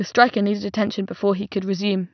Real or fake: real